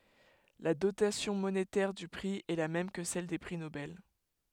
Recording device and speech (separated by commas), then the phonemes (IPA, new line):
headset microphone, read sentence
la dotasjɔ̃ monetɛʁ dy pʁi ɛ la mɛm kə sɛl de pʁi nobɛl